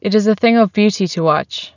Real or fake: real